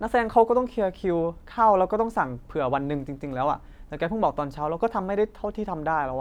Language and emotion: Thai, frustrated